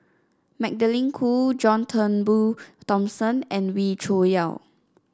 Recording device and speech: standing microphone (AKG C214), read sentence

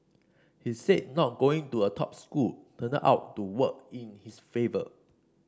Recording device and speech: standing microphone (AKG C214), read sentence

